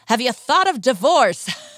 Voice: jokey voice